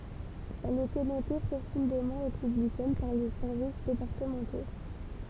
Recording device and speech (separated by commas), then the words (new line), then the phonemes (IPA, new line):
temple vibration pickup, read sentence
Elle était notée profondément républicaine par les services départementaux.
ɛl etɛ note pʁofɔ̃demɑ̃ ʁepyblikɛn paʁ le sɛʁvis depaʁtəmɑ̃to